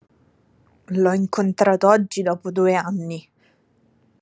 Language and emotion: Italian, angry